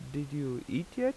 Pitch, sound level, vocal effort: 145 Hz, 83 dB SPL, normal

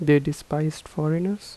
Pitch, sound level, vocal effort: 155 Hz, 79 dB SPL, soft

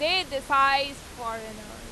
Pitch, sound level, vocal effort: 270 Hz, 98 dB SPL, very loud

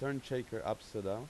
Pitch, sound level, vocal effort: 120 Hz, 88 dB SPL, normal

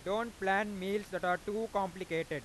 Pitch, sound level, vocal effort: 195 Hz, 99 dB SPL, loud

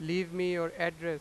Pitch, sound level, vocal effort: 170 Hz, 98 dB SPL, very loud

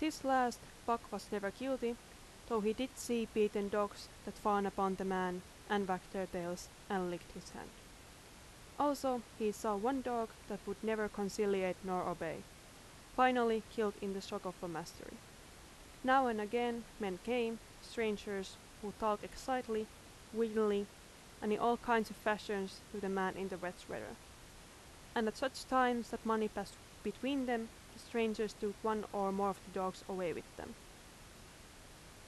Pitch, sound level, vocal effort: 215 Hz, 84 dB SPL, loud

